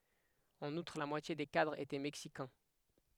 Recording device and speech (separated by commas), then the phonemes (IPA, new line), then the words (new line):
headset microphone, read sentence
ɑ̃n utʁ la mwatje de kadʁz etɛ mɛksikɛ̃
En outre la moitié des cadres étaient Mexicains.